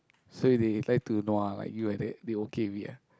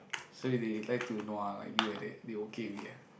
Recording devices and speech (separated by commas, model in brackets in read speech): close-talking microphone, boundary microphone, conversation in the same room